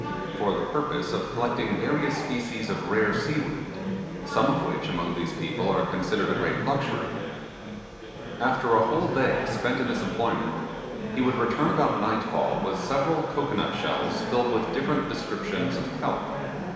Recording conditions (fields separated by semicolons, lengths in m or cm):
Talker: one person; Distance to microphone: 1.7 m; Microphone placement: close; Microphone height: 1.0 m; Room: very reverberant, large; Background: babble